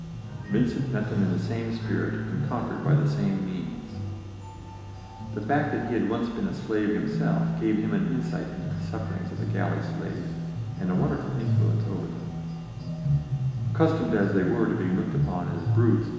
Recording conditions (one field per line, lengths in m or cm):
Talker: one person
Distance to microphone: 1.7 m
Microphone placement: close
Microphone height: 1.0 m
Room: very reverberant, large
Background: music